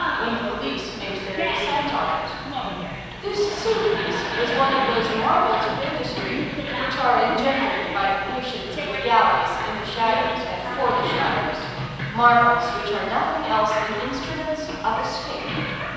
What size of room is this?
A large and very echoey room.